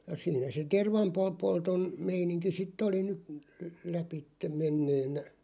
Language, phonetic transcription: Finnish, ja 'siinä se "tervampo- '-polton , 'meiniŋki 'sit̆t ‿oli ny , 'läpitteᵐ 'menneenä .
- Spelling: ja siinä se - tervanpolton meininki sitten oli nyt läpi menneenä

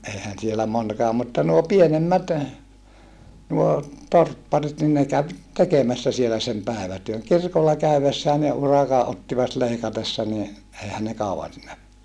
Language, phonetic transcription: Finnish, eihän sielä monkaa mutta nuo pienemmät , nuo , torpparit nin ne käv , tekemässä sielä sem pä̀evätyöŋ kirkolla käyvessää ne uraka ʼottivat leikatessa ni , ʼeihän ne kauvan siinä , .
- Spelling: eihän siellä monikaan mutta nuo pienemmät nuo torpparit niin ne kävi tekemässä siellä sen päivätyön kirkolla käydessään ne urakan ottivat leikatessa niin eihän ne kauan siinä

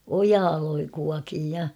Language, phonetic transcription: Finnish, ojaa loi- 'kuakiij ja .
- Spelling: ojaa - kuokin ja

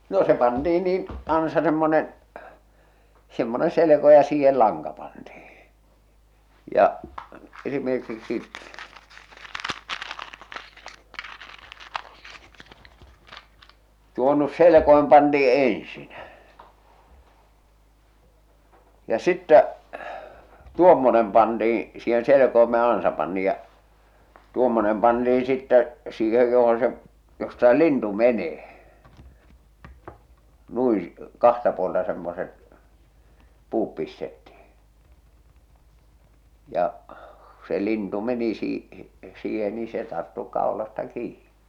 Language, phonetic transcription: Finnish, no se 'pantii niin , 'ansa semmonen , semmone 'seleko ja 'siihel "laŋka pantihɪ , ja , esimerkiksi , tuo nu̳s 'selekoim pantii eḛsin , ja sittä , "tuommonem pantiiḭ , siihen̬ selekoime ja ansa pantiiʲ ja , ja tuommonem pantiiḭ sittä , siihej johon̬ se , josta se "lintu "menee , nui , 'kahta puolta semmoset , 'puup pistettihɪ , ja , ku se 'lintu meni sii- , 'siihen ni se tarttu 'kào̭lasta 'kiiɴɪ .
- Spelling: no se pantiin niin ansa semmoinen semmoinen selko ja siihen lanka pantiin ja esimerkiksi tuo nyt selkoin pantiin ensin ja sitten tuommoinen pantiin siihen selkoimeen ja ansa pantiin ja ja tuommoinen pantiin sitten siihen johon se josta se lintu menee noin kahta puolta semmoiset puut pistettiin ja kun se lintu meni - siihen niin se tarttui kaulasta kiinni

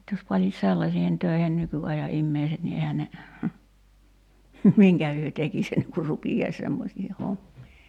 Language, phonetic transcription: Finnish, (nyt) jos 'panis 'sellasiihen töihen 'nyky₍aja '’immeiset ni 'ehä ne , "miŋkä hyö 'tekis enneŋ kur 'rupijais 'semmosiihe 'hommii .
- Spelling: nyt jos panisi sellaisiin töihin nykyajan ihmiset niin eihän ne minkä he tekisi ennen kuin rupeaisi semmoisiin hommiin

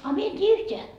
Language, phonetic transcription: Finnish, a 'mie en t́ii 'yht́eä .
- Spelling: a minä en tiedä yhtään

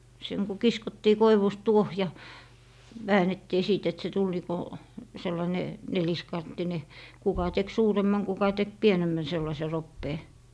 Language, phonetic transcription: Finnish, seŋ ku "kiskottii 'koivust 'tuoh ja , 'väänettii 'sìt et se 'tul nii ko , 'sellaⁱne , 'neliskanttine , 'kuka tek "suuremmaŋ 'kuka tek "pienemmän 'sellase 'roppee .
- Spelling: sen kun kiskottiin koivusta tuohi ja väännettiin sitten että se tuli niin kuin sellainen neliskanttinen kuka teki suuremman kuka teki pienemmän sellaisen roppeen

